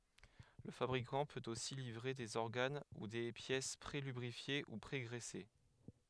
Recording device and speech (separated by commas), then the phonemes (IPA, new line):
headset microphone, read sentence
lə fabʁikɑ̃ pøt osi livʁe dez ɔʁɡan u de pjɛs pʁelybʁifje u pʁeɡʁɛse